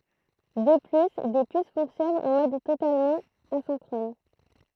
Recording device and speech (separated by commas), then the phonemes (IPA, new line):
throat microphone, read sentence
də ply de pys fɔ̃ksjɔnɑ̃ ɑ̃ mɔd totalmɑ̃ azɛ̃kʁɔn